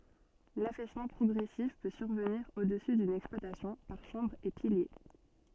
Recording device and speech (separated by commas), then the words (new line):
soft in-ear microphone, read sentence
L'affaissement progressif peut survenir au-dessus d'une exploitation par chambres et piliers.